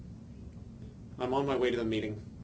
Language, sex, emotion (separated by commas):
English, male, disgusted